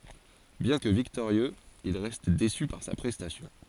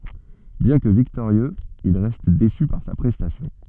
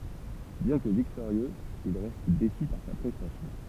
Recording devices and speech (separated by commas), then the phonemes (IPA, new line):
forehead accelerometer, soft in-ear microphone, temple vibration pickup, read sentence
bjɛ̃ kə viktoʁjøz il ʁɛst desy paʁ sa pʁɛstasjɔ̃